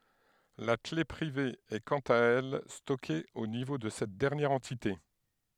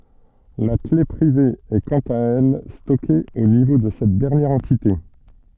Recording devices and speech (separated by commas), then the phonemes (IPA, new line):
headset microphone, soft in-ear microphone, read sentence
la kle pʁive ɛ kɑ̃t a ɛl stɔke o nivo də sɛt dɛʁnjɛʁ ɑ̃tite